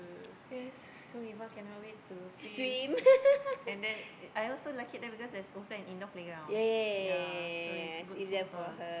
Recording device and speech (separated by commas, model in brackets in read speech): boundary microphone, conversation in the same room